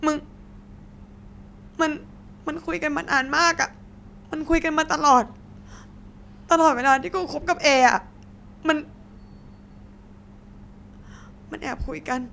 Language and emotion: Thai, sad